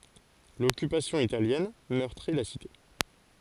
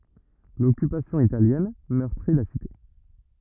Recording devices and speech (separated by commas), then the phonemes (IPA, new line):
forehead accelerometer, rigid in-ear microphone, read sentence
lɔkypasjɔ̃ italjɛn mœʁtʁi la site